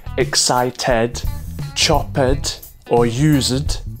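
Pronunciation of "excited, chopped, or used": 'Excited, chopped, or used' is pronounced incorrectly here: each -ed ending is said as a full 'ed'.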